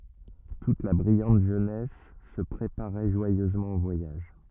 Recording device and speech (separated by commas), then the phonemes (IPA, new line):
rigid in-ear microphone, read sentence
tut la bʁijɑ̃t ʒønɛs sə pʁepaʁɛ ʒwajøzmɑ̃ o vwajaʒ